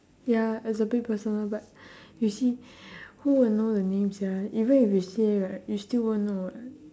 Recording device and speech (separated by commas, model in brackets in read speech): standing microphone, conversation in separate rooms